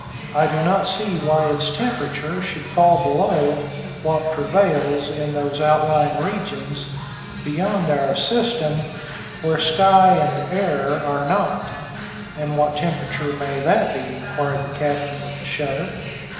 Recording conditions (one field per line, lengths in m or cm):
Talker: one person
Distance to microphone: 1.7 m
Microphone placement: close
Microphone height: 1.0 m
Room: very reverberant, large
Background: music